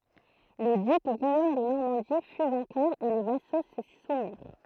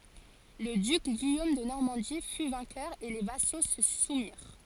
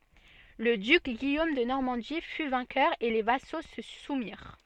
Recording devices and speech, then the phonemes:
throat microphone, forehead accelerometer, soft in-ear microphone, read sentence
lə dyk ɡijom də nɔʁmɑ̃di fy vɛ̃kœʁ e le vaso sə sumiʁ

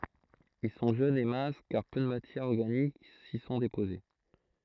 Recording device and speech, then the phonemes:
throat microphone, read sentence
il sɔ̃ ʒønz e mɛ̃s kaʁ pø də matjɛʁz ɔʁɡanik si sɔ̃ depoze

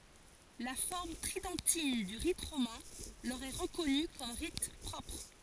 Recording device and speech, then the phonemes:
forehead accelerometer, read sentence
la fɔʁm tʁidɑ̃tin dy ʁit ʁomɛ̃ lœʁ ɛ ʁəkɔny kɔm ʁit pʁɔpʁ

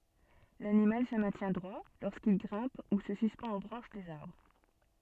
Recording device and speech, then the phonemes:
soft in-ear microphone, read sentence
lanimal sə mɛ̃tjɛ̃ dʁwa loʁskil ɡʁɛ̃p u sə syspɑ̃t o bʁɑ̃ʃ dez aʁbʁ

